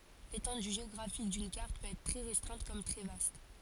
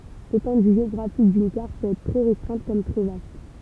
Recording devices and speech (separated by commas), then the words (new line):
forehead accelerometer, temple vibration pickup, read sentence
L'étendue géographique d'une carte peut être très restreinte comme très vaste.